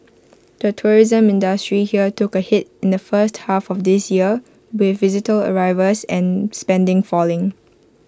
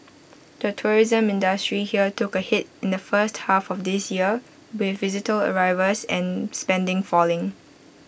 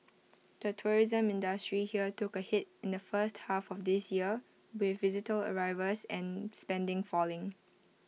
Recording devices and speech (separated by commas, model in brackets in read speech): close-talking microphone (WH20), boundary microphone (BM630), mobile phone (iPhone 6), read sentence